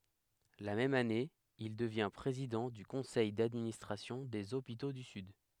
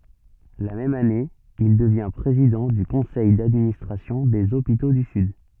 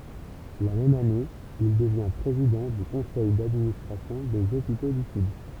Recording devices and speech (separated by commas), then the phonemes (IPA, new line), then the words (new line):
headset microphone, soft in-ear microphone, temple vibration pickup, read sentence
la mɛm ane il dəvjɛ̃ pʁezidɑ̃ dy kɔ̃sɛj dadministʁasjɔ̃ dez opito dy syd
La même année, il devient président du conseil d'administration des hôpitaux du Sud.